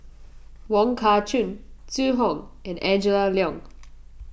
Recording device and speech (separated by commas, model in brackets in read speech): boundary microphone (BM630), read sentence